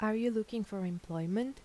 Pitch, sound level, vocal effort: 215 Hz, 80 dB SPL, soft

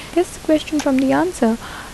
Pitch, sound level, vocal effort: 300 Hz, 74 dB SPL, soft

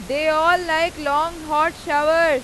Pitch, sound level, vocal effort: 310 Hz, 101 dB SPL, very loud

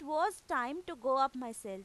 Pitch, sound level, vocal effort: 270 Hz, 95 dB SPL, very loud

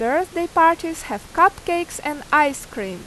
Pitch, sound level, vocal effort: 330 Hz, 89 dB SPL, loud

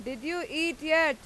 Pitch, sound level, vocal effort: 315 Hz, 96 dB SPL, very loud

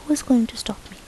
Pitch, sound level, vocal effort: 240 Hz, 74 dB SPL, soft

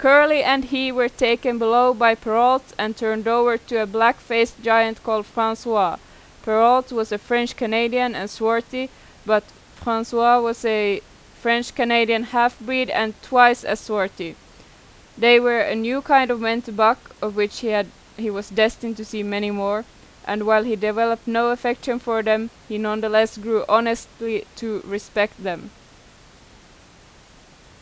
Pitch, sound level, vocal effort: 225 Hz, 90 dB SPL, very loud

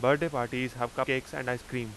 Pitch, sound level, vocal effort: 125 Hz, 89 dB SPL, loud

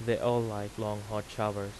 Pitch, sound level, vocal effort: 105 Hz, 86 dB SPL, normal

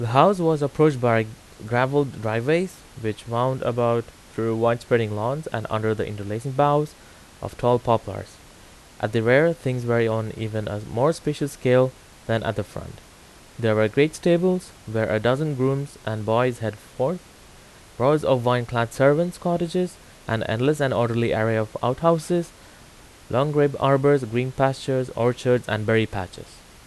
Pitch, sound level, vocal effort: 125 Hz, 85 dB SPL, loud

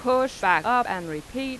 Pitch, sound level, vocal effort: 245 Hz, 93 dB SPL, loud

